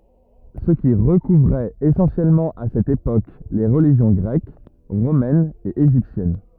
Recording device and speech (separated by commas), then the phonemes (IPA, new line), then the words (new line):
rigid in-ear microphone, read sentence
sə ki ʁəkuvʁɛt esɑ̃sjɛlmɑ̃ a sɛt epok le ʁəliʒjɔ̃ ɡʁɛk ʁomɛn e eʒiptjɛn
Ce qui recouvrait essentiellement à cette époque les religions grecque, romaine et égyptienne.